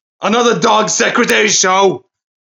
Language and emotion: English, angry